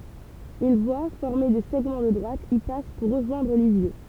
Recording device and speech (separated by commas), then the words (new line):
temple vibration pickup, read sentence
Une voie, formée de segments de droite, y passe pour rejoindre Lisieux.